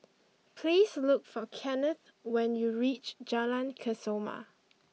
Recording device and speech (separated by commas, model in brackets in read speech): mobile phone (iPhone 6), read sentence